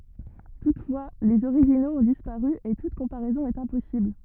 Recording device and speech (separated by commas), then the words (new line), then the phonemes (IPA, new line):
rigid in-ear microphone, read sentence
Toutefois, les originaux ont disparu et toute comparaison est impossible.
tutfwa lez oʁiʒinoz ɔ̃ dispaʁy e tut kɔ̃paʁɛzɔ̃ ɛt ɛ̃pɔsibl